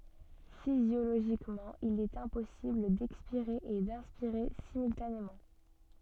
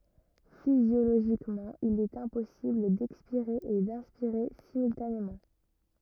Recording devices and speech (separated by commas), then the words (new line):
soft in-ear microphone, rigid in-ear microphone, read sentence
Physiologiquement, il est impossible d'expirer et d'inspirer simultanément.